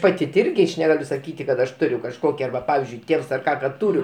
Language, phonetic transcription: Lithuanian, ˈpati ˈirgi aš neˈgaliu saˈkyti kad aš ˈturiu kažˈkoki ˈarba ˈpavizdžiui ˈtėvs ar ˈką kad ˈturiu

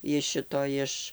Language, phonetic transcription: Lithuanian, iš ˈšito ˈiš

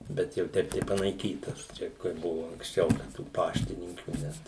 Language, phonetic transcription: Lithuanian, ˈbet jau ˈteip tai panaiˈkytas ˈčia kai ˈbuvo anksˈčiau da tų ˈpaštininkių ˈnet

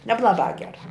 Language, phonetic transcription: Lithuanian, neblaˈbā ˈgerā

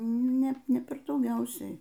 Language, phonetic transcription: Lithuanian, ˈne ˈne ˈper dauˈgiausiai

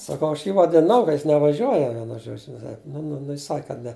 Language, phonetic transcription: Lithuanian, saˈkau aš ˈjį vadiˈnau ka jis nevaˈžiuoja ˈvienu ˈžodžiu nu nu ˈnu ˈjis ˈsak kad ˈne

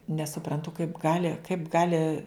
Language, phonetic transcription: Lithuanian, nesuprantu kaip ˈgali kaip ˈgali

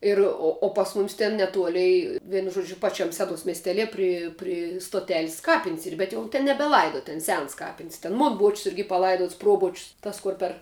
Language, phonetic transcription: Lithuanian, ˈir o o pas ˈmumis ten neˈtuolei ˈvienu ˈžuodžiu ˈpaˈčiam ˈsedos miesˈtelie ˈpri ˈpri stoˈtelis ˈkapin's' ˈyr bet jau ˈten nebeˈlaido ˈten ˈsens ˈkapin's' ten ˈmon boč's' ˈirgi paˈlaiduots ˈproboč's' ˈtas ˈkur per

